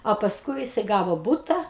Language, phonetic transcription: Lithuanian, o pasˈkui jiˈsai ˈgavo ˈbūta

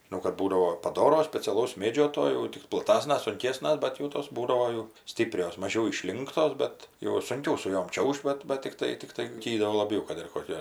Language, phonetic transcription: Lithuanian, žiˈnau kad ˈbūdavo paˈdoro speciaˈlaus ˈmėdžio to jau ˈtik plaˈtasnas sunˈkėsnas ˈbet jau tos ˈbūdavo jau ˈstyprios maˈžiau iˈšlinktos ˈbet jau sunˈkiau su ˈjom ˈčiauž't' ˈbat bat tikˈtai tikˈtai ˈtį do laˈbiau kad ir koˈkia

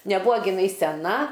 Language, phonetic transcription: Lithuanian, neˈbuo giˈnai seˈna

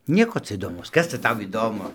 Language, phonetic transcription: Lithuanian, ˈnieko ˈca įdoˈmaus ˈkas ca ˈtau įˈdomu

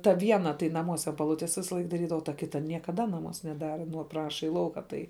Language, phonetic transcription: Lithuanian, ta ˈviena tai naˈmuos an paˈlutės ˈvisalaik daˈrydava o ta ˈkita niekaˈda naˈmuos neˈdara ˈpraša į ˈlauka ˈtai

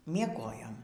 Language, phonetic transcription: Lithuanian, mieˈgojom

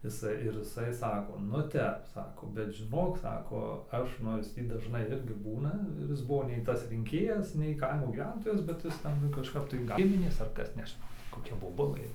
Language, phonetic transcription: Lithuanian, iˈsai ir iˈsai ˈsako nu ˈtep ˈsako bet žiˈnok ˈsako ˈaš nors ˈtį dažˈnai ˈirgi ˈbūna ir ˈis ˈbuvo nei ˈtas rinˈkėjas nei ˈkaimo gyˈventojas ˈbet ˈjis ˈten kažˈkap tai ˈgiminės ar ˈkas nežiˈnau ˈtį koˈkia boˈbulɘ

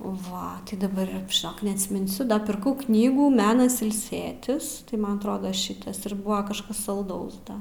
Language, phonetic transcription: Lithuanian, ˈva daˈbar žiˈnok neatsminˈsiu da pirˈkau ˈknygų ˈmenas ilˈsėtis tai ˈman atˈrodo ˈšitas ir ˈbuva kažˈkas salˈdaus da

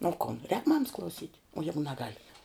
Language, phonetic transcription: Lithuanian, o ˈkon rēk ˈmamas klauˈsyt' o ˈjegu neˈgal'

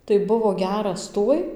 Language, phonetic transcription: Lithuanian, tai ˈbuvo ˈgeras ˈtuoj

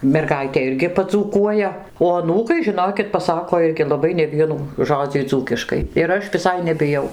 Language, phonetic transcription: Lithuanian, merˈgaitė ˈirgi padzūˈkuoja o aˈnūkai žiˈnokit paˈsako ˈirgi laˈbai neˈvienų ˈžodzį ˈdzūkiškai ir ˈaš viˈsai nebiˈjau

